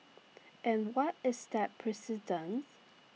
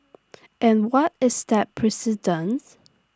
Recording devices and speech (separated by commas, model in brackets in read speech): mobile phone (iPhone 6), standing microphone (AKG C214), read sentence